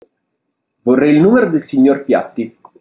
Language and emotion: Italian, neutral